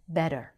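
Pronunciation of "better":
'Better' is said in the American way, with the t said as a quick, flapped, light d sound.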